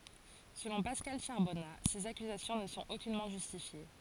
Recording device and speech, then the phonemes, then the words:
forehead accelerometer, read sentence
səlɔ̃ paskal ʃaʁbɔna sez akyzasjɔ̃ nə sɔ̃t okynmɑ̃ ʒystifje
Selon Pascal Charbonnat, ces accusations ne sont aucunement justifiées.

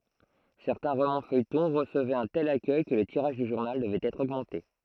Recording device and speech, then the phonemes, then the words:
throat microphone, read sentence
sɛʁtɛ̃ ʁomɑ̃sfœjtɔ̃ ʁəsəvɛt œ̃ tɛl akœj kə lə tiʁaʒ dy ʒuʁnal dəvɛt ɛtʁ oɡmɑ̃te
Certains romans-feuilletons recevaient un tel accueil que le tirage du journal devait être augmenté.

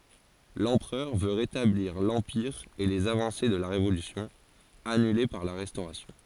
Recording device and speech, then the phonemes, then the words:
forehead accelerometer, read sentence
lɑ̃pʁœʁ vø ʁetabliʁ lɑ̃piʁ e lez avɑ̃se də la ʁevolysjɔ̃ anyle paʁ la ʁɛstoʁasjɔ̃
L'empereur veut rétablir l'Empire et les avancées de la Révolution, annulées par la Restauration.

